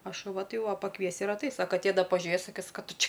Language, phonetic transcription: Lithuanian, a šuˈva ˈtai jau ˈva paˈkviesi ir atˈais' a kaˈtė ˈda paˈžiuės saˈkis ką ˈtu ˈči

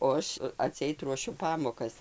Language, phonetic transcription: Lithuanian, o ˈaš aˈtseit ruoˈšiu ˈpamokas

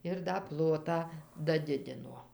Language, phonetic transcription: Lithuanian, ir da ˈplotą daˈdidino

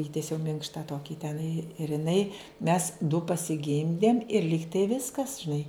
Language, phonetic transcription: Lithuanian, ˈįtiesiau ˈminkšta ˈtokį teˈnai ir iˈnai mes du pasiˈgimdėm ir ˈlygtai ˈviskas žiˈnai

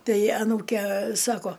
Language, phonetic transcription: Lithuanian, ˈtai aˈnūke ˈsako

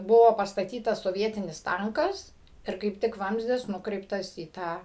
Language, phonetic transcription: Lithuanian, ˈbuvo pastaˈtytas soˈvietinis ˈtankas ir kaip ˈtik ˈvamzdis nuˈkreiptas į ˈtą

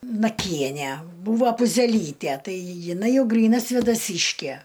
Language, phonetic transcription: Lithuanian, naˈkienæ ˈbūvo puzeˈlytæ ˈtai jiˈnai ˈjau ˈgryna svėdaˈsyškæ

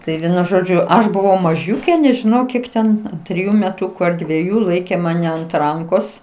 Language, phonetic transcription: Lithuanian, ˈtai ˈvienu ˈžodžiu ˈaš buˈvau maˈžiūkė nežiˈnau ˈkiek ten triˈju meˈtuku ar dvieˈjų ˈlaikė maˈne ant ˈrankos

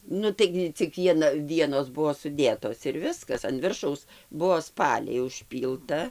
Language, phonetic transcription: Lithuanian, ˈnu ˈtaigi cik ˈviena ˈvienos ˈbuo suˈdėtos ir ˈviskas an ˈviršaus ˈbuo ˈspaliai užˈpylta

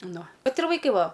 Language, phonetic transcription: Lithuanian, ˈnu ˈvat ir vaiˈkai ˈva

